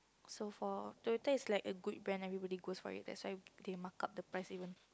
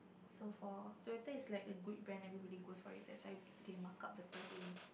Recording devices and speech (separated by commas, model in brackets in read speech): close-talking microphone, boundary microphone, conversation in the same room